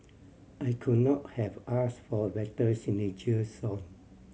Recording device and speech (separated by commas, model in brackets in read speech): mobile phone (Samsung C7100), read sentence